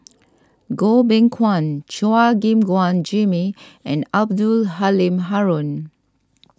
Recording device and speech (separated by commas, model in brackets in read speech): standing microphone (AKG C214), read sentence